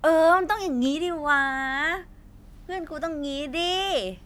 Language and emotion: Thai, happy